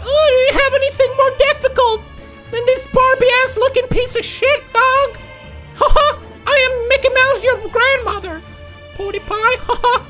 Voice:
High-pitched